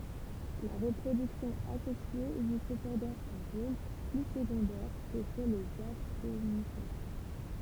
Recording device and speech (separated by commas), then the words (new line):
temple vibration pickup, read sentence
La reproduction asexuée joue cependant un rôle plus secondaire que chez les Ascomycètes.